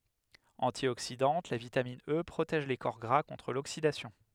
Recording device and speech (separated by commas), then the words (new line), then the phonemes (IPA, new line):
headset microphone, read sentence
Antioxydante, la vitamine E protège les corps gras contre l'oxydation.
ɑ̃tjoksidɑ̃t la vitamin ə pʁotɛʒ le kɔʁ ɡʁa kɔ̃tʁ loksidasjɔ̃